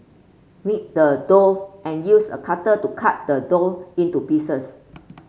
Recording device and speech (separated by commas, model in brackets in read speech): mobile phone (Samsung C5), read sentence